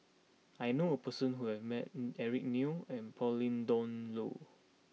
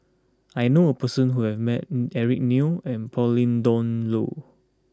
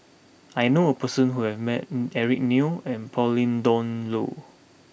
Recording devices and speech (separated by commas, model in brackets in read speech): mobile phone (iPhone 6), close-talking microphone (WH20), boundary microphone (BM630), read sentence